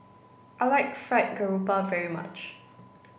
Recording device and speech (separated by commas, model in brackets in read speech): boundary microphone (BM630), read sentence